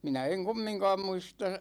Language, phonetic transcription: Finnish, 'minä eŋ "kummiŋkaam 'muista ,.
- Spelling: minä en kumminkaan muista

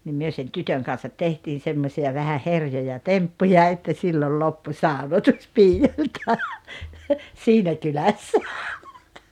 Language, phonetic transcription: Finnish, nim 'myö sen "tytöŋ kan̬sat 'tehtiin̬ 'semmośi₍a vähä 'herjoja "temppuja että 'sillol "loppu "sàonotus 'piijoĺta , "siinä 'kylässä .
- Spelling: niin me sen tytön kanssa tehtiin semmoisia vähän herjoja temppuja että silloin loppui saunotus piioilta siinä kylässä

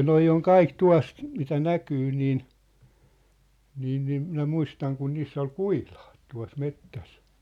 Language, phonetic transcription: Finnish, 'noi oŋ 'kaik 'tua̭s , mitä "näkyy niin , niin niim 'minä 'muistaŋ kun 'niiss ‿ol "kui̳h̳ʟᴀᴀt tua̭s "mettäs .
- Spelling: nuo on kaikki tuossa mitä näkyy niin niin niin minä muistan kun niissä oli kuhilaat tuossa metsässä

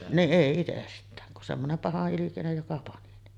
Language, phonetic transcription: Finnish, niˀ 'ˀèi itest̀ään , kun semmonem 'paha’’ilikinej joka 'pani ne .
- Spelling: niin ei itsestään kun semmoinen pahanilkinen joka pani ne

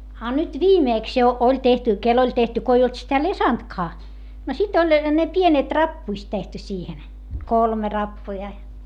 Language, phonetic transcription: Finnish, a nyt viimèks jo oĺ tehty , kel ‿oĺ tehty ko ei olt sitä lesantkaa , no sit ‿oĺ , ne pienet rappuist tehty siihen , kolme rappuja .
- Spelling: a nyt viimeksi jo oli tehty kenelle oli tehty kun ei ollut sitä lesantkaa no sitten oli ne pienet rappuset tehty siihen kolme rappua

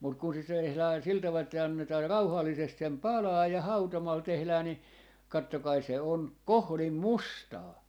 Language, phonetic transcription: Finnish, mut kun se s- , tehlää sil taval että 'annetaa "rauhallisest sem "palaaj ja "hautomal 'tehlää ni , 'kattokai 'se 'on , "kohlim "mustaa .
- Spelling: mutta kun se - tehdään sillä tavalla että annetaan rauhallisesti sen palaa ja hautomalla tehdään niin katsokaa se on kohdin mustaa

